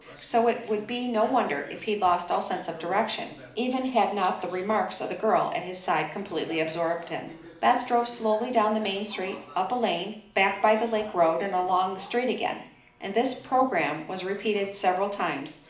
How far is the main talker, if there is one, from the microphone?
2.0 m.